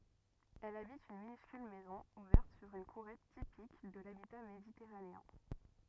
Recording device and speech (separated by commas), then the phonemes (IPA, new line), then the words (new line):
rigid in-ear microphone, read sentence
ɛl abit yn minyskyl mɛzɔ̃ uvɛʁt syʁ yn kuʁɛt tipik də labita meditɛʁaneɛ̃
Elle habite une minuscule maison ouverte sur une courette typique de l'habitat méditerranéen.